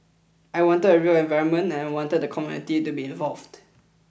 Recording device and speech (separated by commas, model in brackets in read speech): boundary microphone (BM630), read sentence